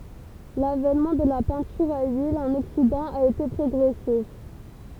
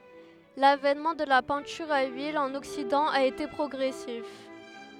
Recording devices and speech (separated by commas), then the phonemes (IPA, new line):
temple vibration pickup, headset microphone, read sentence
lavɛnmɑ̃ də la pɛ̃tyʁ a lyil ɑ̃n ɔksidɑ̃ a ete pʁɔɡʁɛsif